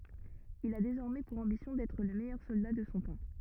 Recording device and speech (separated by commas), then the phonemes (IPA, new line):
rigid in-ear microphone, read sentence
il a dezɔʁmɛ puʁ ɑ̃bisjɔ̃ dɛtʁ lə mɛjœʁ sɔlda də sɔ̃ tɑ̃